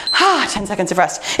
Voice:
deeply